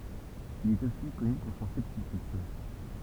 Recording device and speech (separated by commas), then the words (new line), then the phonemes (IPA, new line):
temple vibration pickup, read sentence
Il est aussi connu pour son scepticisme.
il ɛt osi kɔny puʁ sɔ̃ sɛptisism